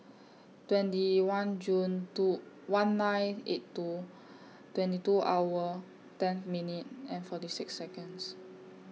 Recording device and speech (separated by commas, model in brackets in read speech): mobile phone (iPhone 6), read sentence